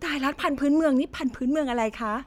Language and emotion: Thai, happy